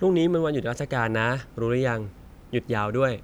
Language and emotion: Thai, neutral